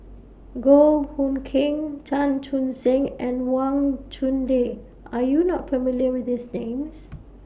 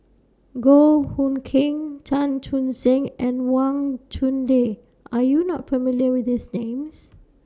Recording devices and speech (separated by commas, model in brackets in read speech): boundary microphone (BM630), standing microphone (AKG C214), read sentence